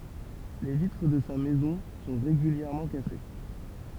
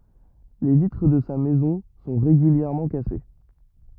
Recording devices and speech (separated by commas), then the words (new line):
temple vibration pickup, rigid in-ear microphone, read sentence
Les vitres de sa maison sont régulièrement cassées.